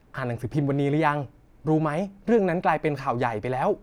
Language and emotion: Thai, neutral